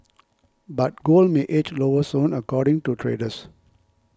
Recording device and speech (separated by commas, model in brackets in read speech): close-talking microphone (WH20), read sentence